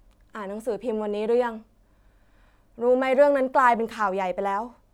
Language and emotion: Thai, frustrated